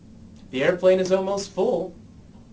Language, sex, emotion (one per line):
English
male
neutral